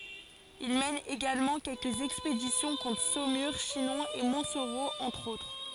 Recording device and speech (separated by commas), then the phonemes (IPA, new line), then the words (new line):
forehead accelerometer, read sentence
il mɛn eɡalmɑ̃ kɛlkəz ɛkspedisjɔ̃ kɔ̃tʁ somyʁ ʃinɔ̃ e mɔ̃tsoʁo ɑ̃tʁ otʁ
Il mène également quelques expéditions contre Saumur, Chinon, et Montsoreau entre autres.